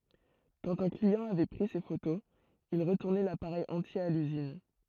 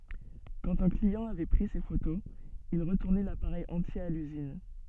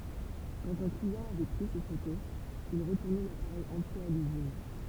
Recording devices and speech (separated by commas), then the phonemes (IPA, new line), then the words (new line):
throat microphone, soft in-ear microphone, temple vibration pickup, read sentence
kɑ̃t œ̃ kliɑ̃ avɛ pʁi se fotoz il ʁətuʁnɛ lapaʁɛj ɑ̃tje a lyzin
Quand un client avait pris ses photos, il retournait l'appareil entier à l'usine.